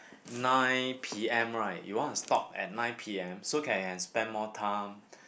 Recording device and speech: boundary microphone, conversation in the same room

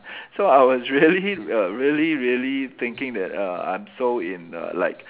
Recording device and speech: telephone, conversation in separate rooms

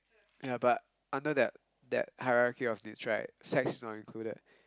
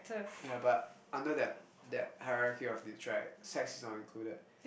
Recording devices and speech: close-talking microphone, boundary microphone, conversation in the same room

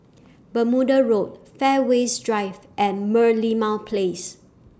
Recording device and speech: standing microphone (AKG C214), read sentence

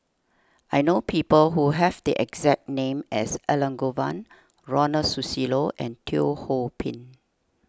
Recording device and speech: standing microphone (AKG C214), read sentence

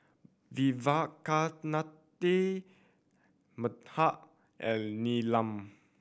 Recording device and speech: boundary microphone (BM630), read sentence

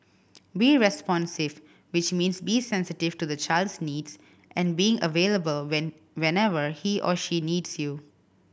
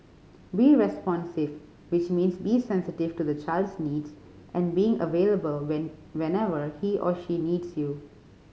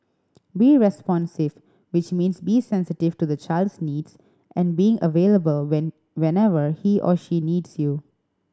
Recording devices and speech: boundary microphone (BM630), mobile phone (Samsung C5010), standing microphone (AKG C214), read sentence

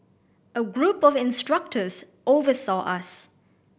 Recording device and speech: boundary microphone (BM630), read sentence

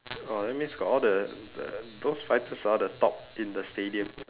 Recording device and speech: telephone, conversation in separate rooms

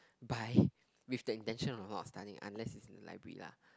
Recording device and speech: close-talking microphone, conversation in the same room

